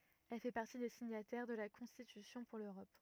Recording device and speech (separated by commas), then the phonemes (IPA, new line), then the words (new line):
rigid in-ear microphone, read sentence
ɛl fɛ paʁti de siɲatɛʁ də la kɔ̃stitysjɔ̃ puʁ løʁɔp
Elle fait partie des signataires de la Constitution pour l'Europe.